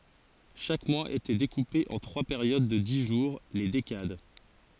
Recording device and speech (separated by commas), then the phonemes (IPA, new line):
forehead accelerometer, read sentence
ʃak mwaz etɛ dekupe ɑ̃ tʁwa peʁjod də di ʒuʁ le dekad